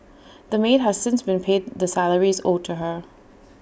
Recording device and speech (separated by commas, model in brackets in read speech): boundary microphone (BM630), read sentence